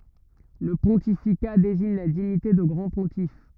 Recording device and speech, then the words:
rigid in-ear microphone, read sentence
Le pontificat désigne la dignité de grand pontife.

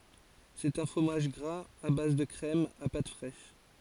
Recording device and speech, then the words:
forehead accelerometer, read sentence
C'est un fromage gras à base de crème, à pâte fraîche.

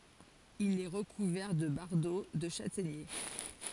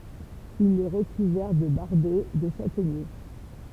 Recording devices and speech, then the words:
forehead accelerometer, temple vibration pickup, read sentence
Il est recouvert de bardeaux de châtaignier.

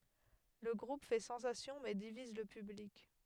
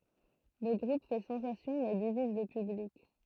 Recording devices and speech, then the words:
headset microphone, throat microphone, read sentence
Le groupe fait sensation mais divise le public.

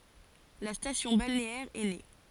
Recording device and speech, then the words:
forehead accelerometer, read sentence
La station balnéaire est née.

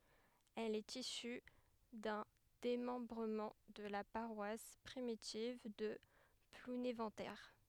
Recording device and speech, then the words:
headset microphone, read sentence
Elle est issue d'un démembrement de la paroisse primitive de Plounéventer.

